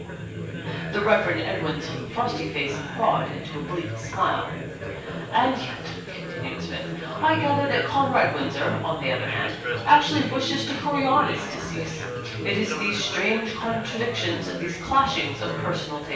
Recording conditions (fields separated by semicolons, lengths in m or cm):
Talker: one person; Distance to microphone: 9.8 m; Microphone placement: far; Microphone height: 1.8 m; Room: large; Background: babble